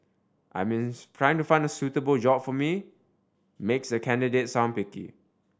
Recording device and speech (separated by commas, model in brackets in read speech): standing microphone (AKG C214), read sentence